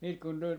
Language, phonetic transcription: Finnish, siit kun tul , .
- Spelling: sitten kun tuli

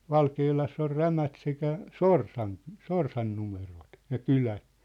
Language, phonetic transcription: Finnish, Valkeelass ‿or "Rämät sekä , "Sorsan , "Sorsan 'numerot , ja "kylä .
- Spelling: Valkealassa on Rämät sekä Sorsan Sorsan numerot ja kylä

